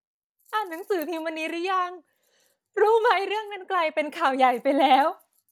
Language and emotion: Thai, happy